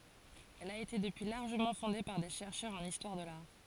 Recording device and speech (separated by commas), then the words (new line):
forehead accelerometer, read sentence
Elle a été depuis largement fondée par des chercheurs en histoire de l'art.